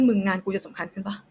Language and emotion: Thai, angry